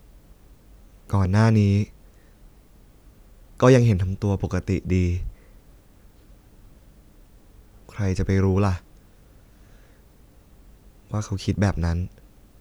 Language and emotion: Thai, sad